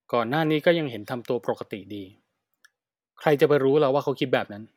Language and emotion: Thai, neutral